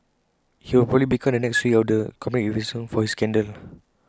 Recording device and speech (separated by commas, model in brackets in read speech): close-talking microphone (WH20), read sentence